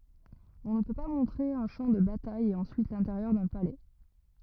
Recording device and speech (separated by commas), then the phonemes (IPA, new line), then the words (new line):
rigid in-ear microphone, read sentence
ɔ̃ nə pø pa mɔ̃tʁe œ̃ ʃɑ̃ də bataj e ɑ̃syit lɛ̃teʁjœʁ dœ̃ palɛ
On ne peut pas montrer un champ de bataille et ensuite l'intérieur d'un palais.